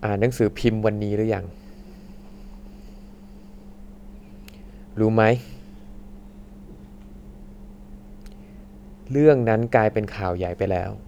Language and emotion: Thai, frustrated